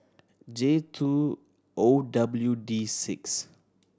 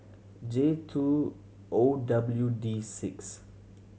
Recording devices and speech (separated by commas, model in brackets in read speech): standing microphone (AKG C214), mobile phone (Samsung C7100), read sentence